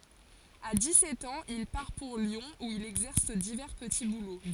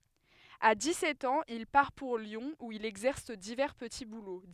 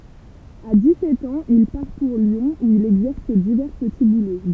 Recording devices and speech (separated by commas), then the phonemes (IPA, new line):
forehead accelerometer, headset microphone, temple vibration pickup, read sentence
a di sɛt ɑ̃z il paʁ puʁ ljɔ̃ u il ɛɡzɛʁs divɛʁ pəti bulo